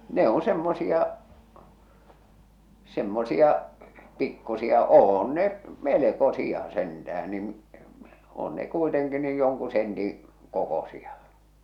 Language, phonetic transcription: Finnish, 'ne on 'semmosia , 'semmosia , 'pikkusia , "oon ne , "meleko'sia sentä₍än niⁿ , 'oon ne kuiteŋki niij joŋku sentiḭ , 'kokosia .
- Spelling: ne on semmoisia semmoisia pikkuisia on ne melkoisia sentään niin on ne kuitenkin niin jonkun sentin kokoisia

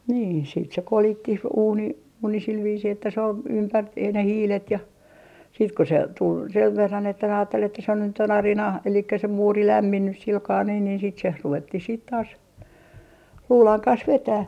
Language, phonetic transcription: Finnish, nii siit se "kolittih 'uuni , 'uuni sil viisii että se ‿ol , "ympättih ne "hiilet ja , siit ku se 'tul 'sev 'verran että aattel ‿että se nyt ‿on "arina , elikkä se "muuri 'lämminnys 'silkaa nii niin sit se 'ruvettih siit taas , 'luulaŋ 'kans 'vetäh .
- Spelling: niin sitten se kolittiin uuni uuni sillä viisiin että se oli ympättiin ne hiilet ja sitten kun se tuli sen verran että ajatteli että se nyt on arina eli se muuri lämminnyt sillä kalella niin niin sitten se ruvettiin sitten taas luudan kanssa vetämään

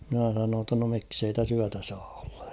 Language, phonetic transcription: Finnish, mⁱnä sanoon ‿tta no miksei täs ‿'yätä sᴀᴀ ᴏʟʟᴀ .
- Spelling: minä sanoin jotta no miksi ei tässä yötä saa olla

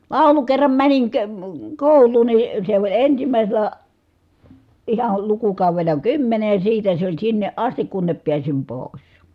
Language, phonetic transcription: Finnish, làulu kerram mäniŋ ke- , kòul̆luun ni , se oĺ ensimä̀iselä , ihal lukukàuvel̀a kymmene ja siitä se ‿oĺ sinneʼ ʼastik kunnep piäsim pòi̮s .
- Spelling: laulu kerran menin - kouluun niin se oli ensimmäisellä ihan lukukaudella kymmenen ja siitä se oli sinne asti kunne pääsin pois

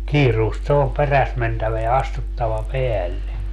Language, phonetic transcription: Finnish, "kiiruust se om "peräs 'mentävä ja "astuttava 'peälle .
- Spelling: kiireesti se on perässä mentävä ja astuttava päälle

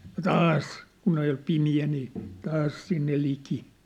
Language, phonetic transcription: Finnish, ja "taas , kun ‿oj jo 'pimi₍ä nii , 'taas sinne 'liki .
- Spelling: ja taas kun on jo pimeä niin taas sinne liki

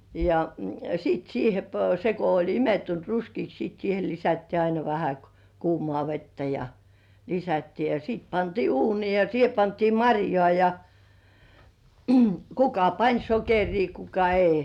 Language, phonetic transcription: Finnish, ja 'siit siihe p- , se ko oĺ 'imettunt "ruskiiks sìt siihe 'lisättii aina vähä kᵘ- "kuumŏà 'vettä ja , lisättii ja 's(i)it pantii "uunii ja 'siihe pantii "maŕjŏà ja , kuka "pań 'sokerii kuka "ei .
- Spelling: ja sitten siihen - se kun oli imettynyt ruskeaksi sitten siihen lisättiin aina vähän - kuumaa vettä ja lisättiin ja sitten pantiin uuniin ja siihen pantiin marjaa ja kuka pani sokeria kuka ei

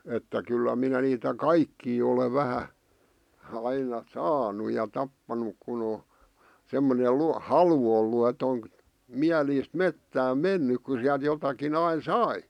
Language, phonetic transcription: Finnish, että kyllä minä niitä "kaikkii ole 'vähä , aina , "saanu ja 'tappanuk kun ‿o , semmone 'lu- , "halu ollu et ‿oŋ̳ , 'miäliist "mettääm "mennyk ku siäˡt jotaki'n ‿ain "sai .
- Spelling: että kyllä minä niitä kaikkia olen vähän aina saanut ja tappanut kun on semmoinen - halu ollut että on mielisti metsään mennyt kun sieltä jotakin aina sai

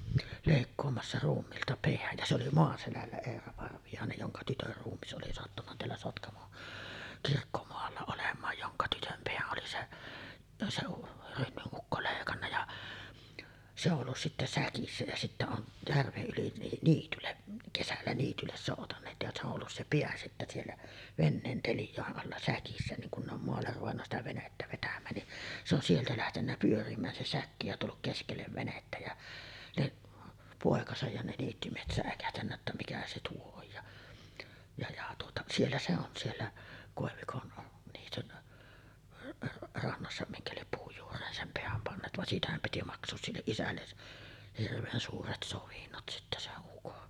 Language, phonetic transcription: Finnish, lèikkoomassa 'ruummiilta 'peäj ja se oli "Moaselällä 'Eera Parvijàenej joŋka 'tytör ruummis ’oli sattunna teällä 'Sotkamon , 'kirkkomoalla olem̆maaj joŋka 'tytöm "peäˀ ˀoli se , se 'Rönnyˀ 'ˀukko lèikanna ja , se ollus sittä "säkissä jä sittä on , 'järveˀ ˀyli ni- 'niitylleˀ , 'kesällä 'niitylles sòutaǹeet ja se ‿o , ,ollus se "peä sittä siellä , 'venneen 'telj̀àe’ ’alla 'säkissä niŋ kun ne ‿om moaller ruvenna sitä 'venettä vetäm̆mään ni , se ‿on 'sieltä lähtennä pyörim̆mään se 'säkki ja tulluk 'keskellev venettä jä , niˀ , 'pòekasaj ja ne 'niittymiehet sä̀ekähtännä ‿ttä 'mikä se 'tuo oj ja , ja ja tuota , 'siellä se on 'siellä , kòevikon , niityn , 'rannassa 'miŋkä liep 'puuj juur̀een "sem 'peäm panneet van 'siitähäm piti maks̀oos 'silleˀ "ˀisälles̳§ , hirveen suuret 'sovinnot sittä 'seˀ 'ˀukon .
- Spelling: leikkaamassa ruumiilta pään ja se oli Maaselällä Eera Parviainen jonka tytön ruumis oli sattunut täällä Sotkamon kirkkomaalla olemaan jonka tytön pään oli se se Rönnyn ukko leikannut ja se ollut sitten säkissä ja sitten on järven yli - niitylle kesällä niitylle soutaneet ja se on ollut se pää sitten siellä veneen teljojen alla säkissä niin kun ne on maalle ruvennut sitä venettä vetämään niin se on sieltä lähtenyt pyörimään se säkki ja tullut keskelle venettä ja niin poikansa ja ne niittymiehet säikähtänyt että mikä se tuo on ja ja ja tuota siellä se on siellä koivikon niityn rannassa minkä lie puun juureen sen pään panneet vaan siitähän piti maksaa sille isälle hirveän suuret sovinnot sitten sen ukon

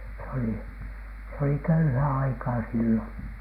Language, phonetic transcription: Finnish, s ‿olì̳ , s ‿oli "köyhää 'aikaa 'silloN .
- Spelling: se oli se oli köyhää aikaa silloin

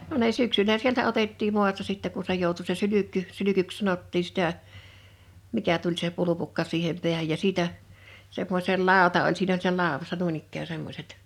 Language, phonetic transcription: Finnish, 'no ne 'syksylä sieltä 'otettiim 'mu̬asta sittɛ ku se 'jòutu se 'sylykky , 'sylykyks 'sanottii sⁱtä , 'mikä tuĺ se 'pulupukka 'siihem 'pi̬ähäj ja 'siitä , 'semmoś̳el "làota oĺ 'siin ‿oĺ s(iinä) 'làowassa 'nuin ‿ikkää 'semmośet .
- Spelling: no ne syksyllä sieltä otettiin maasta sitten kun se joutui se sylkky sylkyksi sanottiin sitä mikä tuli se pulpukka siihen päähän ja siitä semmoisella lauta oli siinä oli siinä laudassa noin ikään semmoiset

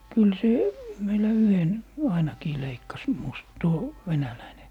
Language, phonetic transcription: Finnish, 'kyl 'se , meilä "yhen , 'ainakii 'leikkas mus- , 'tuo , 'venäläine .
- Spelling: kyllä se meillä yhden ainakin leikkasi - tuo venäläinen

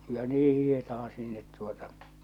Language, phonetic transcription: Finnish, ja 'nii 'hihetaha 'sinnet tuota ,.
- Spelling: ja niin hiihdetään sinne tuota

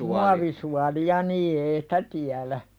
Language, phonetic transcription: Finnish, muavisuali₍a 'nii ei "sᴵtä tiälä .
- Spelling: muovisuolia niin ei sitä tiedä

